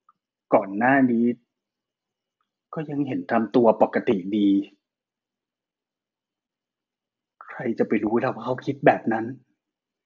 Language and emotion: Thai, frustrated